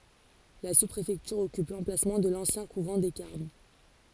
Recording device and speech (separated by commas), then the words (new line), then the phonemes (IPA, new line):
forehead accelerometer, read sentence
La sous-préfecture occupe l'emplacement de l'ancien couvent des Carmes.
la suspʁefɛktyʁ ɔkyp lɑ̃plasmɑ̃ də lɑ̃sjɛ̃ kuvɑ̃ de kaʁm